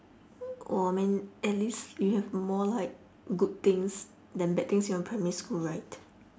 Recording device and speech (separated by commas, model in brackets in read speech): standing microphone, conversation in separate rooms